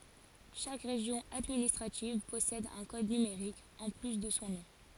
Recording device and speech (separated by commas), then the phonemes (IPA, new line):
forehead accelerometer, read sentence
ʃak ʁeʒjɔ̃ administʁativ pɔsɛd œ̃ kɔd nymeʁik ɑ̃ ply də sɔ̃ nɔ̃